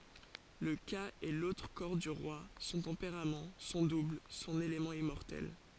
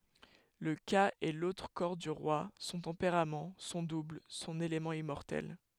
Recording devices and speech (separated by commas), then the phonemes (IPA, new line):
forehead accelerometer, headset microphone, read sentence
lə ka ɛ lotʁ kɔʁ dy ʁwa sɔ̃ tɑ̃peʁam sɔ̃ dubl sɔ̃n elemɑ̃ immɔʁtɛl